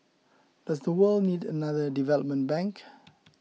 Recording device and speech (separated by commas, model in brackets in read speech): mobile phone (iPhone 6), read sentence